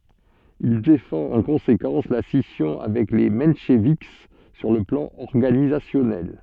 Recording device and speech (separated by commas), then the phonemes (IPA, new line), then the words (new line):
soft in-ear microphone, read sentence
il defɑ̃t ɑ̃ kɔ̃sekɑ̃s la sisjɔ̃ avɛk le mɑ̃ʃvik syʁ lə plɑ̃ ɔʁɡanizasjɔnɛl
Il défend en conséquence la scission avec les mencheviks sur le plan organisationnel.